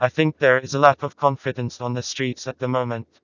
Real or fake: fake